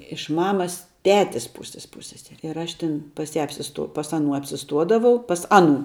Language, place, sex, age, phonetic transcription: Lithuanian, Žemaitija, female, 18-60, iš ˈmamas ˈtetis ˈpūsis ˈpūsseseri ir ˈaš ˈtin pas ˈją apsiˈstuo pas aˈnų apsiˈstuodavau pas ˈaˌnų

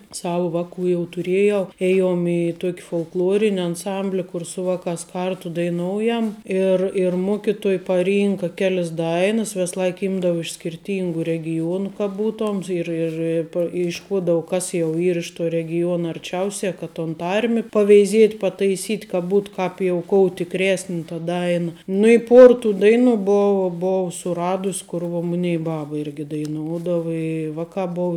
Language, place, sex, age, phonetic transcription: Lithuanian, Žemaitija, female, 18-60, ˈsava ˈvaˌkų jau tuˈriejau ˈėjom i ˈtuok' folkˈlorin' anˈsambli ˈkur su ˈvaˌkās ˈkartu daiˈnoujam ˈir ir ˈmuokituoj paˈrynka ˈkelis ˈdainas ˈves ˈlaik ˈymdava iš skirˈtyngu regiˈjuonu ka ˈbūtom ir ir ˈi pa išˈkuodavu ˈkas jau ˈyr iš tuo regiˈjuona arˈčiausia ka ton ˈtarmi paveiˈziet' pataiˈsyt' ka ˈbūt ˈkāp jau ˈkou tikˈresni ta ˈdaina nu i ˈpuor tų ˈdaiˌnu ˈbovu ˈbovu suˈradus ˈkur vuo ˈmunei ˈbaba irgi daiˈnuodava i ˈvaˌkā ˈbov

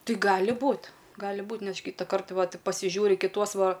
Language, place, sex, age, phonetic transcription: Lithuanian, Aukštaitija, female, 18-60, ˈtai ˈgali ˈbūt ˈgali ˈbūt' ˈneš ˈkytakart ˈvat pasiˈžiūri kiˈtuos ˈva

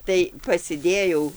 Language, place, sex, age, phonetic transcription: Lithuanian, Dzūkija, female, 60+, tai pasiˈdėjau

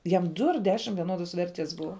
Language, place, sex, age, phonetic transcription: Lithuanian, Žemaitija, female, 18-60, ˈjam ˈdu ar ˈdešim vieˈnodos ˈverties ˈbuva

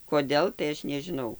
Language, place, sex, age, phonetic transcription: Lithuanian, Dzūkija, female, 60+, koˈdėl tai ˈaš nežiˈnau

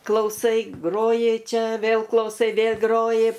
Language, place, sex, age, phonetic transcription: Lithuanian, Aukštaitija, female, 60+, klauˈsai ˈgroji ˈčia ˈvėl klauˈsai ˈvėl' ˈgroji

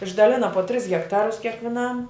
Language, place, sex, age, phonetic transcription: Lithuanian, Žemaitija, female, 60+, išdaˈlina po tris hekˈtarus kiekviˈnam

